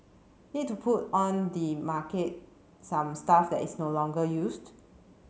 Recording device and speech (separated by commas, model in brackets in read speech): mobile phone (Samsung C7), read sentence